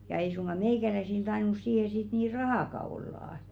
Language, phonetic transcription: Finnish, ja ei suŋɢa 'meìkäläisil 'tainus siihe sit nii "rahàka ollà .
- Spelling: ja ei suinkaan meikäläisillä tainnut siihen sitten niin rahaakaan olla

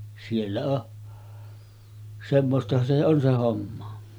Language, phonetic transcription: Finnish, siellä o’ , 'semmostahan se on se 'homma .
- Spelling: siellä on semmoistahan se on se homma

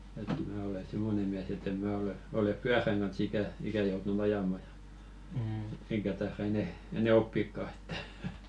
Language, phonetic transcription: Finnish, et 'mää ole "simmone 'miäs ‿ett ‿em 'mää ole , 'olep "pyäräŋ ɢan̬s 'ikä , 'ikä joutu"n ‿ajama ᴊᴀ , eŋkä taera 'enɛ , enɛ "oppikka ᴇttᴀ̈ .
- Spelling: että minä olen semmoinen mies että en minä ole ole pyörän kanssa ikänä ikänä joutunut ajamaan ja enkä taida enää enää oppiakaan että

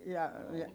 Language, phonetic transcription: Finnish, ja , ja ?
- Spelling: ja ja

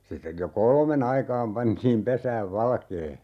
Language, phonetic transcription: Finnish, 'sittej jo "kolme'n ‿aikaam 'pantiim 'pesääv "valkee .
- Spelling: sitten jo kolmen aikaan pantiin pesään valkea

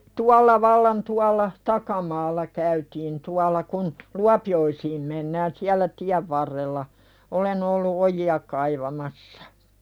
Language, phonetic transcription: Finnish, 'tualla vallan 'tualla , "takamaalla käytiin 'tual̆la kun , "Luapi₍oisiim mennään 'siällä "tiäv varrella , 'olen ‿ollu "oji₍a kaivamassᴀ .
- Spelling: tuolla vallan tuolla takamaalla käytiin tuolla kun Luopioisiin mennään siellä tien varrella olen ollut ojia kaivamassa

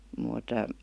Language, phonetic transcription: Finnish, mùt ,.
- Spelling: mutta

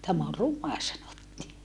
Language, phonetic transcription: Finnish, » täm ‿o ruma » sanottii .
- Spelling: tämä on ruma sanottiin

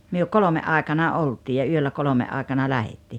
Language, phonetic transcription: Finnish, myö "kolome '’áekana 'olt́ii ja 'yöllä 'kolome’ ’áekana 'lähettii .
- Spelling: me kolmen aikana oltiin ja yöllä kolmen aikana lähdettiin

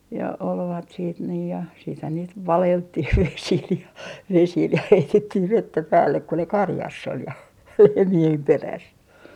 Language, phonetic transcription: Finnish, ja olvat siit nii ja , siithän niit "valelttih 'vesil ja , 'vesil ja 'heitettih "vettä 'päällek ku ne 'karjass ‿ol ja , 'lehmi₍em 'peräs .
- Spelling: ja olivat sitten niin ja sittenhän niitä valeltiin vesillä ja vesillä ja heitettiin vettä päälle kun ne karjassa oli ja lehmien perässä

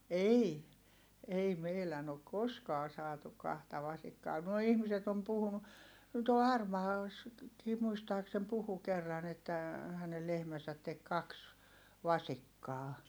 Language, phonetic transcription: Finnish, ei , ei meilän ‿ok koskaa saatuk̆ kahta vasikkaa(.) nuoi ihmiset ‿om puhunu , tuol Harmaalassakii muistaaksem puhu kerran ‿että , hänel lehmäsät tek kaks , vasikkaa .
- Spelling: ei ei meidän ole koskaan saatu kahta vasikkaa nuo ihmiset on puhunut tuolla Harmaalassakin muistaakseni puhui kerran että hänen lehmänsä teki kaksi vasikkaa

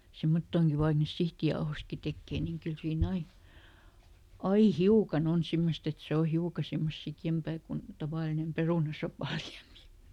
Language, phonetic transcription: Finnish, ˈsemmottooŋki vaik niis "sihtijaohostki ˈtekkee niiŋ ˈkyl siiˈn ‿ai , "ai "hiukaˈn ‿on ˈsimmost ‿et ˈse o "hiuka ˈsemmos ˈsikjempää kun , ˈtavàlinem "perùnasopà ˈliämi .
- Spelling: semmottoonkin vaikka niistä sihtijauhoistakin tekee niin kyllä siinä aina aina hiukan on semmoista että se on hiukan semmoista sikeämpää kuin tavallinen perunasopan liemi

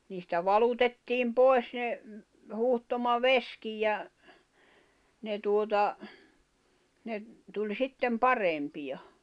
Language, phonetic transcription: Finnish, niistä "valutettiim "pois ne , 'huhtoma"veskij ja , 'ne tuota , ne , tuĺ 'sittem "parempi ʲa .
- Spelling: niistä valutettiin pois ne huuhtomavesikin ja ne tuota ne tuli sitten parempi ja

